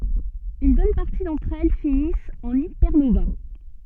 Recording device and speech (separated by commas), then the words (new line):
soft in-ear microphone, read sentence
Une bonne partie d'entre elles finissent en hypernovas.